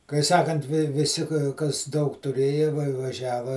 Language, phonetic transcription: Lithuanian, kai ˈsakant viˈsi kas ˈdaug tuˈrėja va vaˈžiava

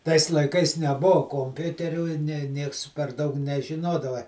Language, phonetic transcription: Lithuanian, tais laiˈkais neˈbou komˈpiuterių i ˈne ˈnieks per ˈdaug nežiˈnodava

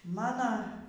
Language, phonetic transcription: Lithuanian, ˈmana

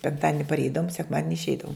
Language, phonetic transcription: Lithuanian, penkˈtadini parˈeidavum sekˈmadini išˈeidavum

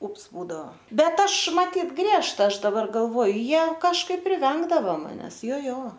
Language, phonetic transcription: Lithuanian, ˈups ˈbūdao ˈbet ˈaš maˈtyt ˈgriežta ˈaš daˈbar galˈvoju ˈjie kažˈkaip priˈvengdava maˈnes ˈjo ˈjo

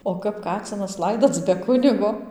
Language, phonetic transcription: Lithuanian, o ˈkap ˈkacinas ˈlaidoc be ˈkunigo

